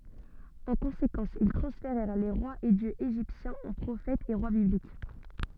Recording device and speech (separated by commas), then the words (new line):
soft in-ear microphone, read sentence
En conséquence, ils transférèrent les rois et dieux égyptiens en prophètes et rois bibliques.